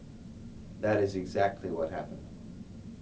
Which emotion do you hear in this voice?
neutral